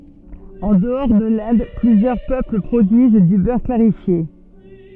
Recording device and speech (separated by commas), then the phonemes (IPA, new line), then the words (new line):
soft in-ear microphone, read sentence
ɑ̃ dəɔʁ də lɛ̃d plyzjœʁ pøpl pʁodyiz dy bœʁ klaʁifje
En dehors de l'Inde, plusieurs peuples produisent du beurre clarifié.